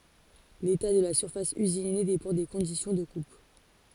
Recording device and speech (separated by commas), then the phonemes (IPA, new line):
forehead accelerometer, read sentence
leta də la syʁfas yzine depɑ̃ de kɔ̃disjɔ̃ də kup